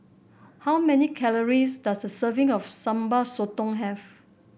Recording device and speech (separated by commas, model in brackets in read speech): boundary microphone (BM630), read sentence